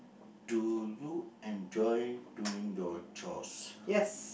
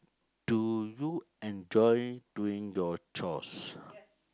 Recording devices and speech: boundary microphone, close-talking microphone, conversation in the same room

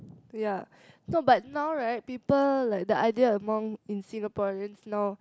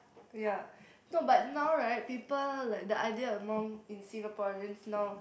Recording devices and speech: close-talking microphone, boundary microphone, conversation in the same room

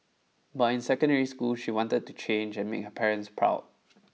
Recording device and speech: mobile phone (iPhone 6), read sentence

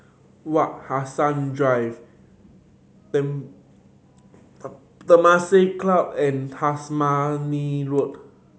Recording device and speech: mobile phone (Samsung C7100), read sentence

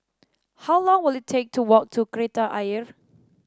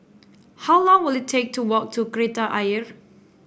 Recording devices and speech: standing microphone (AKG C214), boundary microphone (BM630), read sentence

